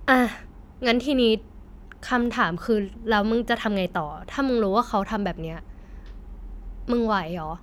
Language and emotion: Thai, frustrated